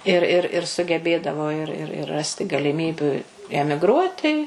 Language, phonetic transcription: Lithuanian, ir ˈir ir sugeˈbėdavo ir ˈir ir ˈrasti galiˈmybiu emigˈruoti

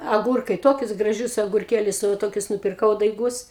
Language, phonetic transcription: Lithuanian, aˈgūrkai ˈtokius graˈžius agurˈkėlius nu va ˈtokius nupirˈkau daiˈgus

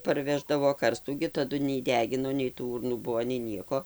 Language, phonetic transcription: Lithuanian, parˈveždavo ˈkarstų gi taˈdu nei ˈdegino nei tų ˈūrnųˈ buvo nei ˈnieko

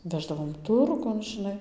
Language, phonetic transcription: Lithuanian, ˈveždavom ˈturgun ˈžinai

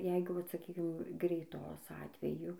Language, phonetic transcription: Lithuanian, ˈjeigu ˈvat saˈkykim greiˈtos ˈatveju

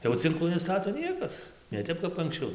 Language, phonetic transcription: Lithuanian, jau cinˈklų neˈstato ˈniekas ne ˈtep kap anksˈčiau

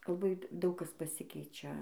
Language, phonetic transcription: Lithuanian, laˈbai ˈdaug ˈkas paˈsikeičia

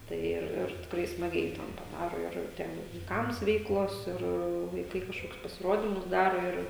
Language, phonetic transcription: Lithuanian, tai ˈir ir tikˈrai smaˈgiai ten paˈdaro ir ˈten jau vaiˈkams ˈveiklos ˈir vaiˈkai kažˈkokius pasiˈrodimus ˈdaro ir

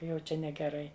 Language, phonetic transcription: Lithuanian, ˈjau ˈčia negeˈrai

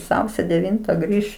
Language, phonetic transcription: Lithuanian, ˈsausio deˈvinta ˈgrįš

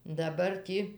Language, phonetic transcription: Lithuanian, daˈbar ˈtį

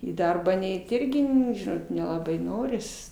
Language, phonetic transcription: Lithuanian, į ˈdarbą ˈneit ˈirgi ˈnu ˈžinot nelaˈbai ˈnoris

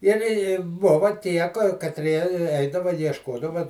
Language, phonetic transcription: Lithuanian, ir i ˈbuva ˈtie katˈrie ˈeidava iešˈkodava

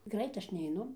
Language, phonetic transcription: Lithuanian, ˈgrait ˈaš neiˈnu

